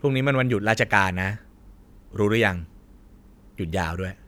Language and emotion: Thai, neutral